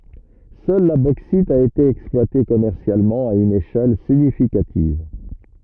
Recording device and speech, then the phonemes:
rigid in-ear microphone, read sentence
sœl la boksit a ete ɛksplwate kɔmɛʁsjalmɑ̃ a yn eʃɛl siɲifikativ

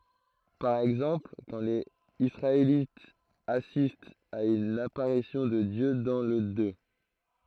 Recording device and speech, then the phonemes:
throat microphone, read sentence
paʁ ɛɡzɑ̃pl kɑ̃ lez isʁaelitz asistt a yn apaʁisjɔ̃ də djø dɑ̃ lə dø

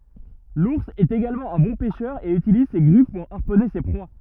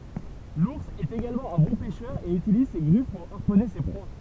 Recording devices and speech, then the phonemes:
rigid in-ear microphone, temple vibration pickup, read sentence
luʁs ɛt eɡalmɑ̃ œ̃ bɔ̃ pɛʃœʁ e ytiliz se ɡʁif puʁ aʁpɔne se pʁwa

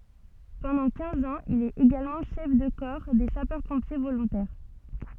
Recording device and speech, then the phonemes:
soft in-ear microphone, read sentence
pɑ̃dɑ̃ kɛ̃z ɑ̃z il ɛt eɡalmɑ̃ ʃɛf də kɔʁ de sapœʁ pɔ̃pje volɔ̃tɛʁ

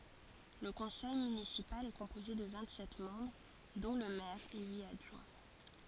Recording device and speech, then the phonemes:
forehead accelerometer, read sentence
lə kɔ̃sɛj mynisipal ɛ kɔ̃poze də vɛ̃t sɛt mɑ̃bʁ dɔ̃ lə mɛʁ e yit adʒwɛ̃

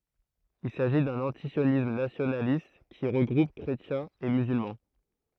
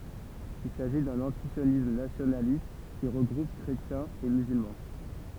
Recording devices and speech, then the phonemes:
throat microphone, temple vibration pickup, read sentence
il saʒi dœ̃n ɑ̃tisjonism nasjonalist ki ʁəɡʁup kʁetjɛ̃z e myzylmɑ̃

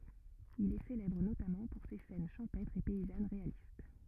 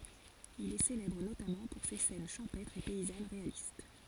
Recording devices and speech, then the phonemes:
rigid in-ear microphone, forehead accelerometer, read sentence
il ɛ selɛbʁ notamɑ̃ puʁ se sɛn ʃɑ̃pɛtʁz e pɛizan ʁealist

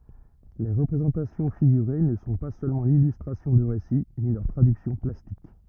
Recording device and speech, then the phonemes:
rigid in-ear microphone, read sentence
le ʁəpʁezɑ̃tasjɔ̃ fiɡyʁe nə sɔ̃ pa sølmɑ̃ lilystʁasjɔ̃ də ʁesi ni lœʁ tʁadyksjɔ̃ plastik

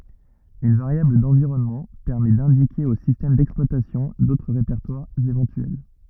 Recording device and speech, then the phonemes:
rigid in-ear microphone, read sentence
yn vaʁjabl dɑ̃viʁɔnmɑ̃ pɛʁmɛ dɛ̃dike o sistɛm dɛksplwatasjɔ̃ dotʁ ʁepɛʁtwaʁz evɑ̃tyɛl

